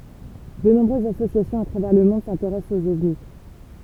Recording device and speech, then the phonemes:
temple vibration pickup, read sentence
də nɔ̃bʁøzz asosjasjɔ̃z a tʁavɛʁ lə mɔ̃d sɛ̃teʁɛst oz ɔvni

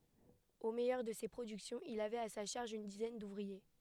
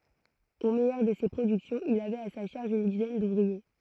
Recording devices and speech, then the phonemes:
headset microphone, throat microphone, read sentence
o mɛjœʁ də se pʁodyksjɔ̃z il avɛt a sa ʃaʁʒ yn dizɛn duvʁie

